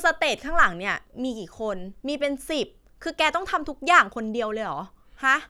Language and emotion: Thai, frustrated